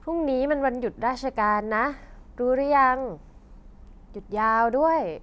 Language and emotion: Thai, frustrated